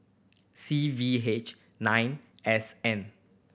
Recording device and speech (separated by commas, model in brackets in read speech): boundary microphone (BM630), read sentence